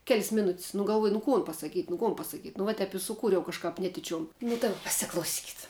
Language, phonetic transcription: Lithuanian, kel's' ˈmiˌnut's' nu galˈvuoj nu ˈkon pasaˈkyt' nu ˈkon pasaˈkyt' nu ˈva ˈtep i suˈkūriau kažˈkap ˈnetičiom nu daˈba pasiklauˈsykit

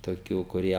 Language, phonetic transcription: Lithuanian, toˈkių kuˈrie

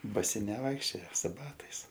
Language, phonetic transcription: Lithuanian, baˈsi neˈvaikščioja su ˈbatais

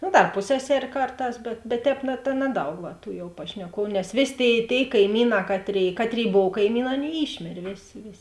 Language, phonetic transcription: Lithuanian, nu dar ˈpusseˌser' ˈkarˌtās bet bet ˈtēp na ta ˈnaˌdaug va tų pašneˈkuovu nes ˈvės' ˈtėi ˈtėi kaiˈmyˌnā ˈkatˌrėi ˈkatˌrėi ˈbov kaiˈmyˌnā ˈaˌnėi ˈyšmėrė ˈvėˌsė ˈvėˌsė

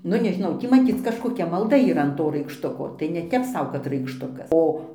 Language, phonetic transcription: Lithuanian, ˈnu nežiˈnau ˈtį maˈcyc kažkoˈkia malˈda yˈra an ˈto raikšˈtuko tai neˈtep ˈsau kad raikšˈtukas ˈo

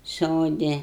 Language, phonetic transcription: Lithuanian, ˈsodi

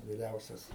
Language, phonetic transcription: Lithuanian, viˈriausias

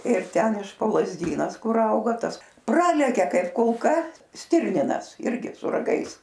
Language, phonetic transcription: Lithuanian, ir ˈten iš po lazˈdynas ˈkur ˈauga ˈtas ˈpralekia ˈkaip kulˈka ˈstirninas ˈirgi su raˈgais

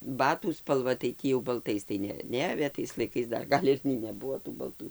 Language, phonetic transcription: Lithuanian, ˈbatų spalˈva tai ˈtį jau balˈtais tai ˈne ˈneavė tais laiˈkais ˈdar ˈgal' ir nei neˈbuvo tų balˈtu

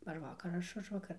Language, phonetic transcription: Lithuanian, ar ˈvakar ar ˈaš ˈužvakar

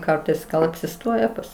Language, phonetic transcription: Lithuanian, ˈkartais gal apsiˈstoje ˈpas

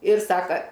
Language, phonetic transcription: Lithuanian, ir ˈsaka

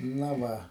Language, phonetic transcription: Lithuanian, ˈna ˈva

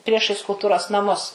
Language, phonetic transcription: Lithuanian, ˈpriešais kulˈturos naˈmus

